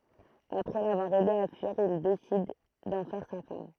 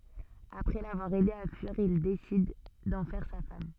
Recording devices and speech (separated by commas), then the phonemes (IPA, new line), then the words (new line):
throat microphone, soft in-ear microphone, read sentence
apʁɛ lavwaʁ ɛde a fyiʁ il desid dɑ̃ fɛʁ sa fam
Après l'avoir aidée à fuir, il décide d'en faire sa femme.